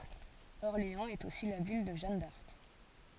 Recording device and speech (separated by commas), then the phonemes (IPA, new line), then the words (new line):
forehead accelerometer, read sentence
ɔʁleɑ̃z ɛt osi la vil də ʒan daʁk
Orléans est aussi la ville de Jeanne d'Arc.